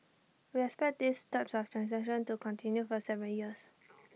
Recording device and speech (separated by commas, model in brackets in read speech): mobile phone (iPhone 6), read sentence